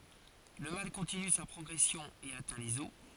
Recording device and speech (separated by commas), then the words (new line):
forehead accelerometer, read sentence
Le mal continue sa progression et atteint les os.